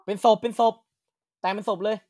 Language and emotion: Thai, neutral